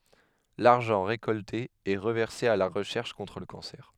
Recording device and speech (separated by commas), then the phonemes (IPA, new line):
headset microphone, read sentence
laʁʒɑ̃ ʁekɔlte ɛ ʁəvɛʁse a la ʁəʃɛʁʃ kɔ̃tʁ lə kɑ̃sɛʁ